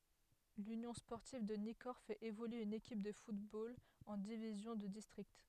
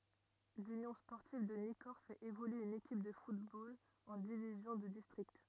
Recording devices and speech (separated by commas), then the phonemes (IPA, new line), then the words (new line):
headset microphone, rigid in-ear microphone, read sentence
lynjɔ̃ spɔʁtiv də nikɔʁ fɛt evolye yn ekip də futbol ɑ̃ divizjɔ̃ də distʁikt
L'Union sportive de Nicorps fait évoluer une équipe de football en division de district.